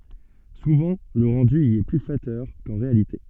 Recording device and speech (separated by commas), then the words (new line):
soft in-ear microphone, read sentence
Souvent le rendu y est plus flatteur qu'en réalité.